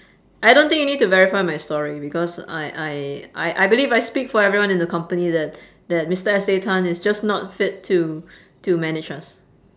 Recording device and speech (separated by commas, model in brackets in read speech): standing microphone, conversation in separate rooms